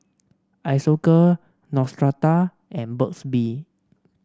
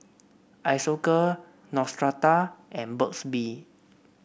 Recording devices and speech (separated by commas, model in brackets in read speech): standing microphone (AKG C214), boundary microphone (BM630), read sentence